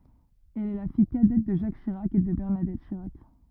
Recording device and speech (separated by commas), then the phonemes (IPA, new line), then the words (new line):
rigid in-ear microphone, read sentence
ɛl ɛ la fij kadɛt də ʒak ʃiʁak e də bɛʁnadɛt ʃiʁak
Elle est la fille cadette de Jacques Chirac et de Bernadette Chirac.